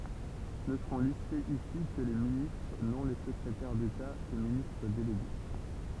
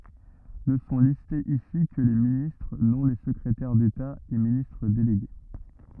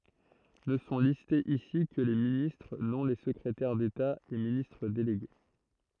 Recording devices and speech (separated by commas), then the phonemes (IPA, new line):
temple vibration pickup, rigid in-ear microphone, throat microphone, read sentence
nə sɔ̃ listez isi kə le ministʁ nɔ̃ le səkʁetɛʁ deta e ministʁ deleɡe